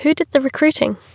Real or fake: real